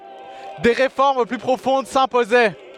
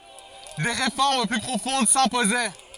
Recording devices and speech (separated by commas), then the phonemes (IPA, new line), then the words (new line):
headset microphone, forehead accelerometer, read sentence
de ʁefɔʁm ply pʁofɔ̃d sɛ̃pozɛ
Des réformes plus profondes s'imposaient.